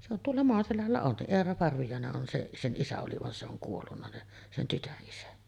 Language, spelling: Finnish, se on tuolla Maaselällä on se Eera Parviainen on se sen isä oli vaan se on kuollut niin sen tytön isä
- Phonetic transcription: se ‿on tuolla 'Moaselällä on se , 'Eera Parvijàene’ ’on se’ , 'sen '’isä oli van se ‿oŋ 'kuollunna ni , sen 'tytöˀ ˀisä .

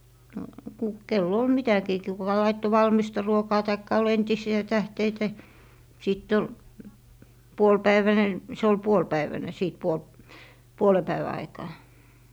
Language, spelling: Finnish, no - kenellä oli mitäkin - kuka laittoi valmista ruokaa tai oli entisiä tähteitä sitten oli puolipäiväinen se oli puolipäivänen sitten - puolen päivän aikaan
- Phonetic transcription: no , ku- , 'kel'l ‿ol "mitäkii ki - kuka 'laitto "valmista 'ruokaa taikka ol 'entisi₍ä 'tähteitä , 'sitt ‿ol , "puol'päiväne , se ol "puol'päiväne 'sìt 'puolp- , "puole 'päivä 'aikaa .

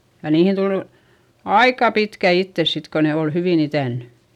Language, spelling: Finnish, ja niihin tuli aika pitkät iteet sitten kun ne oli hyvin itänyt
- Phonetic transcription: ja niihin tulU , aika pitkä ittes sit ko ne ol hyvìn ‿itä̀nny .

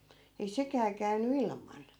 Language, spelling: Finnish, ei sekään käynyt ilman
- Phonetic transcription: ei 'sekää käynny "ilman .

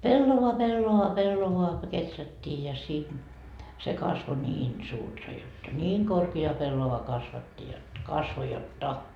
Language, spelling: Finnish, pellava pellava pellavaa kun kehrättiin ja sinne se kasvoi niin suurta jotta niin korkea pellava kasvatti jotta kasvoi jotta
- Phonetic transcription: 'pellova 'pellova 'pellovoa ko "keträttii ja sin , se 'kasvo niin 'suurta jotta , 'niiŋ korki₍a 'pellova kasvatti jot , 'kasvo jot'ta .

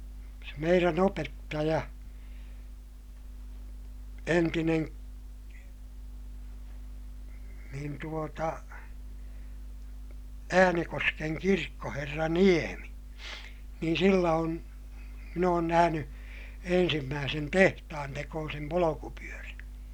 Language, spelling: Finnish, se meidän opettaja entinen niin tuota Äänekosken kirkkoherra Niemi niin sillä on minä olen nähnyt ensimmäisen tehtaantekoisen polkupyörän
- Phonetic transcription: se meirän ‿opettaja , entinen , niin tuota , Äänekoskeŋ kirkkoherra Niemi , niin sillä on , min ‿oon nähäny , ensimmääsen tehtahantekoosem polokupyörän̬ .

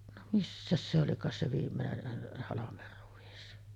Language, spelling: Finnish, no missäs se olikaan se viimeinen halmeruis
- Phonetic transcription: no 'missäs se olikaas se viimmeneh 'halamerruᵛis .

